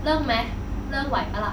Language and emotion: Thai, frustrated